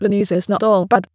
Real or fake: fake